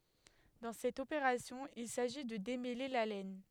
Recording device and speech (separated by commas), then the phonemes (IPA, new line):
headset microphone, read sentence
dɑ̃ sɛt opeʁasjɔ̃ il saʒi də demɛle la lɛn